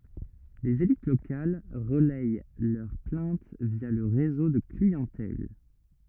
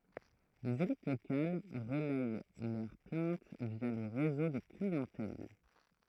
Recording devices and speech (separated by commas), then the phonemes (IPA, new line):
rigid in-ear microphone, throat microphone, read sentence
lez elit lokal ʁəlɛj lœʁ plɛ̃t vja lə ʁezo də kliɑ̃tɛl